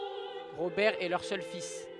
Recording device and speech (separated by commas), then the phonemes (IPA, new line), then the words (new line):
headset microphone, read sentence
ʁobɛʁ ɛ lœʁ sœl fis
Robert est leur seul fils.